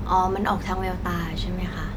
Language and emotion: Thai, neutral